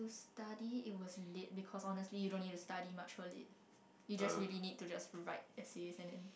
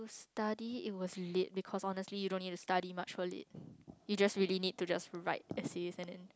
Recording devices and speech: boundary microphone, close-talking microphone, conversation in the same room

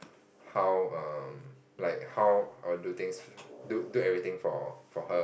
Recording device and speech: boundary microphone, conversation in the same room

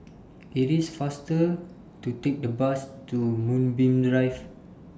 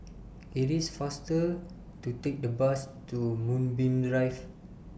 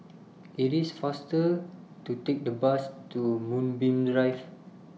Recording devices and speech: standing microphone (AKG C214), boundary microphone (BM630), mobile phone (iPhone 6), read sentence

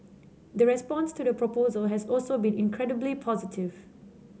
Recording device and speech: mobile phone (Samsung C7), read sentence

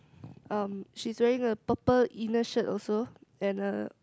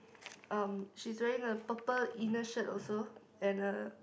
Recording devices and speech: close-talking microphone, boundary microphone, conversation in the same room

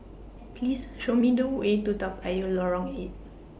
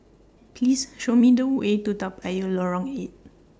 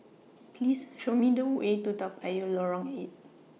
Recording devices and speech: boundary microphone (BM630), standing microphone (AKG C214), mobile phone (iPhone 6), read sentence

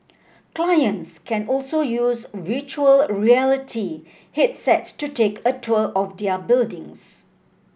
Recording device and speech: boundary microphone (BM630), read sentence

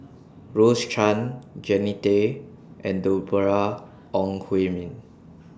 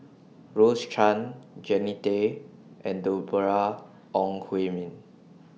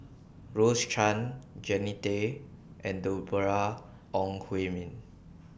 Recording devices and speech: standing microphone (AKG C214), mobile phone (iPhone 6), boundary microphone (BM630), read sentence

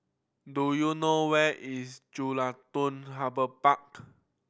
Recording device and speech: boundary microphone (BM630), read sentence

